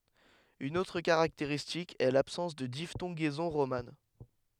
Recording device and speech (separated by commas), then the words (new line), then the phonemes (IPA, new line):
headset microphone, read sentence
Une autre caractéristique est l’absence de diphtongaison romane.
yn otʁ kaʁakteʁistik ɛ labsɑ̃s də diftɔ̃ɡɛzɔ̃ ʁoman